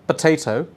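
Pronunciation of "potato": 'Potato' is said in the British pattern, with an explosive sound for the letter t.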